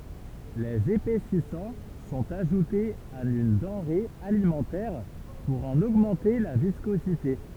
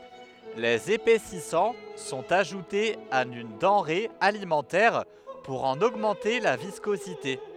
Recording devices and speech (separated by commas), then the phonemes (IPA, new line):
temple vibration pickup, headset microphone, read sentence
lez epɛsisɑ̃ sɔ̃t aʒutez a yn dɑ̃ʁe alimɑ̃tɛʁ puʁ ɑ̃n oɡmɑ̃te la viskozite